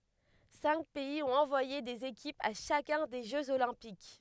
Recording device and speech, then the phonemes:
headset microphone, read sentence
sɛ̃k pɛiz ɔ̃t ɑ̃vwaje dez ekipz a ʃakœ̃ de ʒøz olɛ̃pik

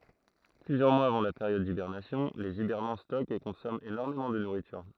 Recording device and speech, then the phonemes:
throat microphone, read sentence
plyzjœʁ mwaz avɑ̃ la peʁjɔd dibɛʁnasjɔ̃ lez ibɛʁnɑ̃ stɔkt e kɔ̃sɔmɑ̃ enɔʁmemɑ̃ də nuʁityʁ

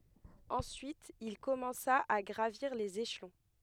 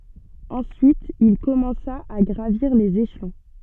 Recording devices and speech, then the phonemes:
headset microphone, soft in-ear microphone, read sentence
ɑ̃syit il kɔmɑ̃sa a ɡʁaviʁ lez eʃlɔ̃

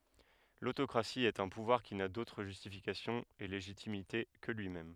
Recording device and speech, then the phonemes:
headset microphone, read sentence
lotokʁasi ɛt œ̃ puvwaʁ ki na dotʁ ʒystifikasjɔ̃ e leʒitimite kə lyimɛm

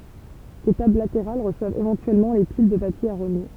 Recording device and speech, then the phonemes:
temple vibration pickup, read sentence
de tabl lateʁal ʁəswavt evɑ̃tyɛlmɑ̃ le pil də papje a ʁoɲe

